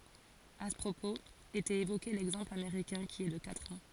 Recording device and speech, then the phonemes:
forehead accelerometer, read sentence
a sə pʁopoz etɛt evoke lɛɡzɑ̃pl ameʁikɛ̃ ki ɛ də katʁ ɑ̃

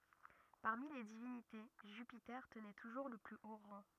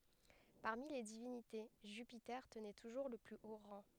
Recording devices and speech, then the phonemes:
rigid in-ear microphone, headset microphone, read sentence
paʁmi le divinite ʒypite tənɛ tuʒuʁ lə ply o ʁɑ̃

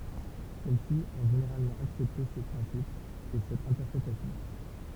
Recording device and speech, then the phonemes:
temple vibration pickup, read sentence
sɛl si ɔ̃ ʒeneʁalmɑ̃ aksɛpte se pʁɛ̃sipz e sɛt ɛ̃tɛʁpʁetasjɔ̃

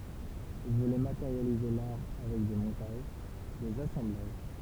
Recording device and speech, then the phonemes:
temple vibration pickup, read sentence
il vulɛ mateʁjalize laʁ avɛk de mɔ̃taʒ dez asɑ̃blaʒ

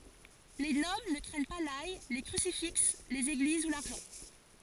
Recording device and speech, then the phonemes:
forehead accelerometer, read sentence
le nɔbl nə kʁɛɲ pa laj le kʁysifiks lez eɡliz u laʁʒɑ̃

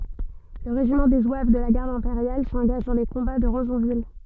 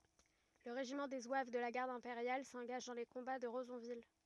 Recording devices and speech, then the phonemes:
soft in-ear microphone, rigid in-ear microphone, read sentence
lə ʁeʒimɑ̃ de zwav də la ɡaʁd ɛ̃peʁjal sɑ̃ɡaʒ dɑ̃ le kɔ̃ba də ʁəzɔ̃vil

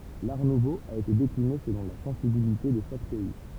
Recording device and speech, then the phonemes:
temple vibration pickup, read sentence
laʁ nuvo a ete dekline səlɔ̃ la sɑ̃sibilite də ʃak pɛi

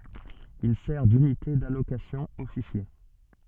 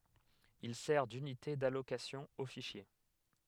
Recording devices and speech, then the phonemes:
soft in-ear microphone, headset microphone, read sentence
il sɛʁ dynite dalokasjɔ̃ o fiʃje

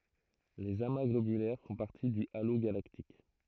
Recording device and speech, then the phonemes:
throat microphone, read sentence
lez ama ɡlobylɛʁ fɔ̃ paʁti dy alo ɡalaktik

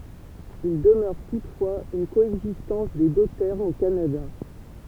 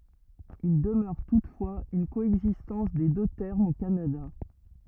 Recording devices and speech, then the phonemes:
temple vibration pickup, rigid in-ear microphone, read sentence
il dəmœʁ tutfwaz yn koɛɡzistɑ̃s de dø tɛʁmz o kanada

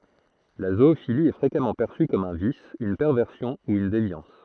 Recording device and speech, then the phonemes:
throat microphone, read sentence
la zoofili ɛ fʁekamɑ̃ pɛʁsy kɔm œ̃ vis yn pɛʁvɛʁsjɔ̃ u yn devjɑ̃s

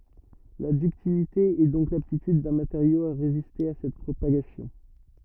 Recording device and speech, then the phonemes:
rigid in-ear microphone, read sentence
la dyktilite ɛ dɔ̃k laptityd dœ̃ mateʁjo a ʁeziste a sɛt pʁopaɡasjɔ̃

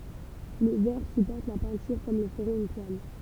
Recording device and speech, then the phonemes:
temple vibration pickup, read sentence
lə vɛʁ sypɔʁt la pɛ̃tyʁ kɔm lə fəʁɛt yn twal

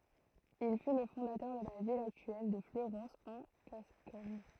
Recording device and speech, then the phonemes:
throat microphone, read sentence
il fy lə fɔ̃datœʁ də la vil aktyɛl də fløʁɑ̃s ɑ̃ ɡaskɔɲ

